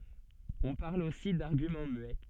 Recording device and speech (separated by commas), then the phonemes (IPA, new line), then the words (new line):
soft in-ear microphone, read sentence
ɔ̃ paʁl osi daʁɡymɑ̃ myɛ
On parle aussi d'argument muet.